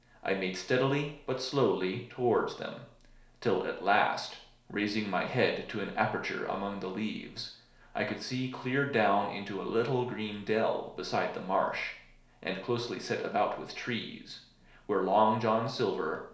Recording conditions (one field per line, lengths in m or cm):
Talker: one person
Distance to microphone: 1.0 m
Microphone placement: close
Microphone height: 1.1 m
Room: small (3.7 m by 2.7 m)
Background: none